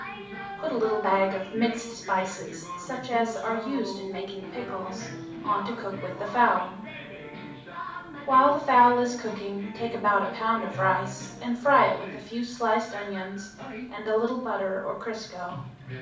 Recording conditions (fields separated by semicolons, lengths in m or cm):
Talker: one person; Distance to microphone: 5.8 m; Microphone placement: far; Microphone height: 1.8 m; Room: medium-sized (5.7 m by 4.0 m); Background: television